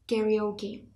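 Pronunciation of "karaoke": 'Karaoke' is said the American way, with an e sound rather than the a sound of 'ka' in the first syllable.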